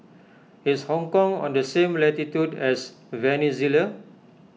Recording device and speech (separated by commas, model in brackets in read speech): mobile phone (iPhone 6), read sentence